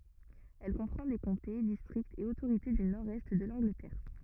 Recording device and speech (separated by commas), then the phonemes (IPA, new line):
rigid in-ear microphone, read sentence
ɛl kɔ̃pʁɑ̃ de kɔ̃te distʁiktz e otoʁite dy nɔʁdɛst də lɑ̃ɡlətɛʁ